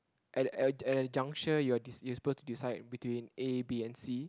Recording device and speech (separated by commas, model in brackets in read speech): close-talking microphone, conversation in the same room